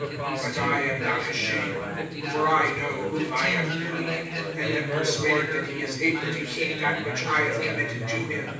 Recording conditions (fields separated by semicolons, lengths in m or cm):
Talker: one person; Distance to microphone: 9.8 m; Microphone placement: far; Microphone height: 1.8 m; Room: large; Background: babble